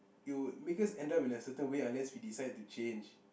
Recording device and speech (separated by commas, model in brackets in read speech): boundary microphone, conversation in the same room